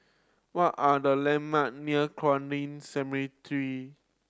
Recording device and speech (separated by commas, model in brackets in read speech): standing microphone (AKG C214), read sentence